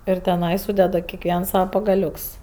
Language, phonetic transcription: Lithuanian, ir teˈnai ˈsūdeda kekˈviens ˈsava pagaˈliuks

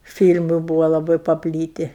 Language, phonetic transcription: Lithuanian, ˈfyl'mu ˈbūvo laˈbai paˈplyti

